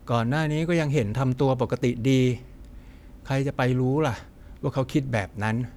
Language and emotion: Thai, frustrated